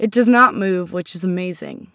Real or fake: real